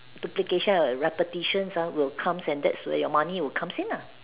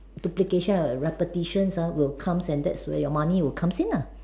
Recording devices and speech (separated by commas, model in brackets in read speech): telephone, standing microphone, conversation in separate rooms